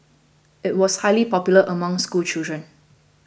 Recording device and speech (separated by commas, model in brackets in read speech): boundary microphone (BM630), read sentence